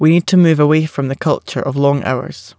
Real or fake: real